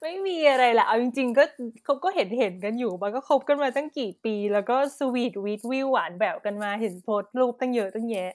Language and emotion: Thai, happy